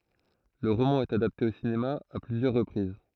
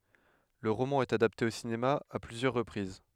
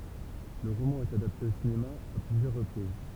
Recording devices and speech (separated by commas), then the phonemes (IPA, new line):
throat microphone, headset microphone, temple vibration pickup, read sentence
lə ʁomɑ̃ ɛt adapte o sinema a plyzjœʁ ʁəpʁiz